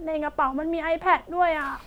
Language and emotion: Thai, sad